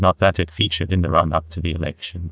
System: TTS, neural waveform model